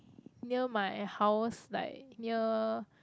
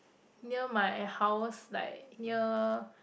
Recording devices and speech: close-talking microphone, boundary microphone, conversation in the same room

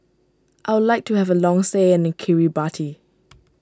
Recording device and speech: standing microphone (AKG C214), read sentence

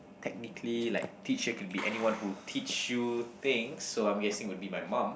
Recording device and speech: boundary microphone, conversation in the same room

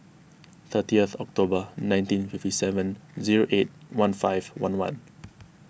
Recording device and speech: boundary microphone (BM630), read sentence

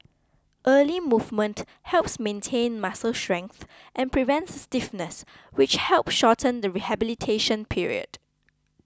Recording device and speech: close-talking microphone (WH20), read sentence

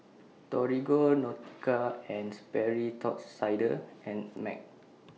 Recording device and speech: mobile phone (iPhone 6), read sentence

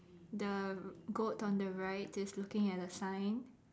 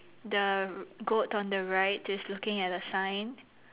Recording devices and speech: standing microphone, telephone, conversation in separate rooms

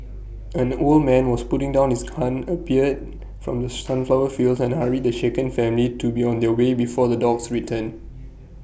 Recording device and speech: boundary microphone (BM630), read sentence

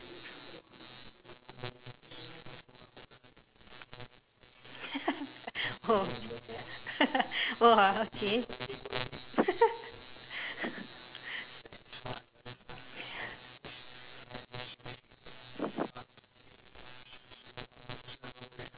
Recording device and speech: telephone, conversation in separate rooms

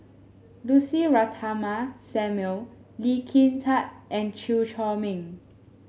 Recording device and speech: mobile phone (Samsung S8), read sentence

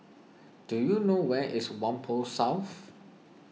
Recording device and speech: mobile phone (iPhone 6), read sentence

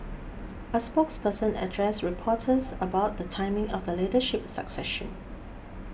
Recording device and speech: boundary microphone (BM630), read sentence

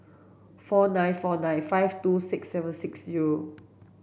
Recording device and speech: boundary microphone (BM630), read sentence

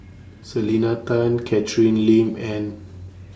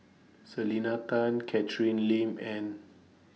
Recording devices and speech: standing microphone (AKG C214), mobile phone (iPhone 6), read sentence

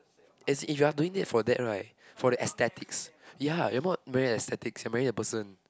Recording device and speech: close-talking microphone, conversation in the same room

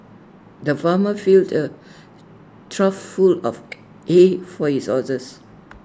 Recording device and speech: standing microphone (AKG C214), read sentence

